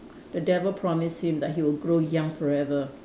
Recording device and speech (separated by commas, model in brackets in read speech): standing microphone, conversation in separate rooms